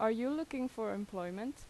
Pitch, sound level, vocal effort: 225 Hz, 85 dB SPL, normal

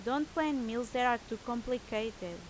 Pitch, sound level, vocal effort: 240 Hz, 87 dB SPL, loud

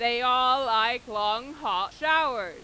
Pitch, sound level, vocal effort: 250 Hz, 104 dB SPL, very loud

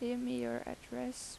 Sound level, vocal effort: 83 dB SPL, soft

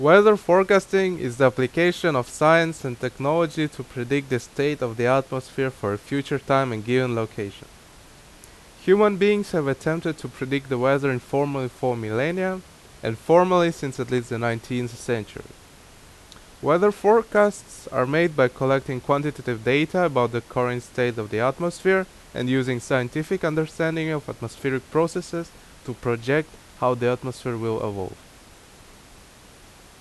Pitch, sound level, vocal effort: 135 Hz, 86 dB SPL, very loud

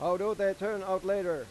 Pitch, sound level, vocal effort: 195 Hz, 99 dB SPL, loud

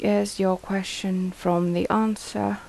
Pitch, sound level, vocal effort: 190 Hz, 77 dB SPL, soft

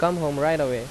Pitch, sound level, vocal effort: 150 Hz, 88 dB SPL, loud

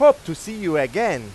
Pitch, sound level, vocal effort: 170 Hz, 103 dB SPL, very loud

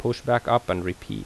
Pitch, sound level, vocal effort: 120 Hz, 82 dB SPL, normal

